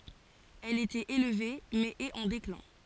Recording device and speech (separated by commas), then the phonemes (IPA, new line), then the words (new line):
forehead accelerometer, read sentence
ɛl etɛt elve mɛz ɛt ɑ̃ deklɛ̃
Elle était élevée, mais est en déclin.